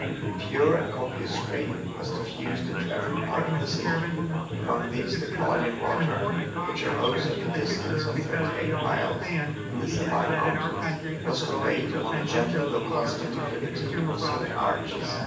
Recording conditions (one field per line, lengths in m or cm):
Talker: one person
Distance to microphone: 9.8 m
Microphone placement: far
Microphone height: 1.8 m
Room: large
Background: babble